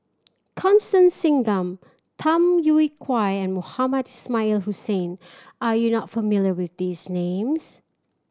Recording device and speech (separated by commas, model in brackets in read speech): standing microphone (AKG C214), read sentence